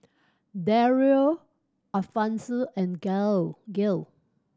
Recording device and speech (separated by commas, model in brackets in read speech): standing microphone (AKG C214), read sentence